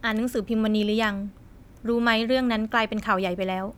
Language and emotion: Thai, neutral